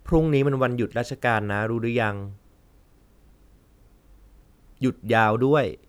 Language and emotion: Thai, neutral